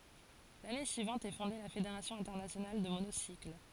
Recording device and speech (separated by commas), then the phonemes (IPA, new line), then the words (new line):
forehead accelerometer, read sentence
lane syivɑ̃t ɛ fɔ̃de la fedeʁasjɔ̃ ɛ̃tɛʁnasjonal də monosikl
L'année suivante est fondé la Fédération internationale de monocycle.